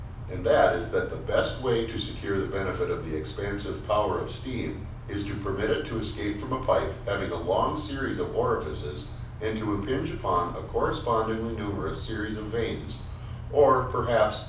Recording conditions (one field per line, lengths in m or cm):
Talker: one person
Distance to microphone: 5.8 m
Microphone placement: far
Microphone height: 1.8 m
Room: medium-sized (5.7 m by 4.0 m)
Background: none